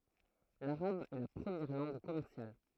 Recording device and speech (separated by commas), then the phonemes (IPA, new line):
throat microphone, read sentence
laʁab ɛ la pʁəmjɛʁ lɑ̃ɡ kɔmɛʁsjal